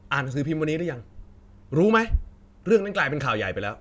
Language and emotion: Thai, angry